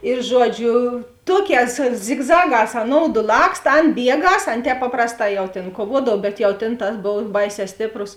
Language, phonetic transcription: Lithuanian, ir ˈžuoˌdžiu ˈtuoˌkēs zigˈzaˌgās aˈnoudu ˈlakst ˈan ˈbieˌgas ˈan ˈtēp ˈpaprasˌtā jau ˈtėn kuoˈvuodav ˈbet jau ˈtėn ˈtas ˈbov ˈbaiˌsē ˈstėpˌrus

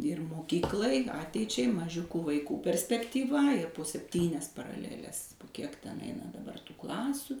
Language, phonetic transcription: Lithuanian, ir moˈkyklai ˈateičiai maˈžiukų vaiˈkų perspektyˈva ir po sepˈtynias paraˈleles ˈkiek ˈten ˈeina daˈbar tų ˈklasiu

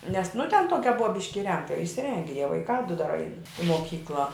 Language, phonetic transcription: Lithuanian, nes nu ten ˈtuokia ˈbua ˈbiški iˈrengta išsiˈrenge jie vaiˈkā du dar ain i moˈkykla

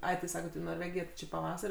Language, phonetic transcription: Lithuanian, ˈai ti ˈsaket į norˈvegiją ti ˈči paˈvasar'

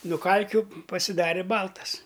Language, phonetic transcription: Lithuanian, nu ˈkalkiu pasiˈdarė ˈbaltas

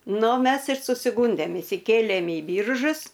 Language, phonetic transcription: Lithuanian, ˈnu ˈmes ir susiˈgūndėm išsiˈkėlėm į ˈbyržus

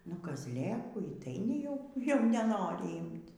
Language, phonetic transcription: Lithuanian, nu kazˈlėkų y tai neˈjau jau neˈnori ˈymt

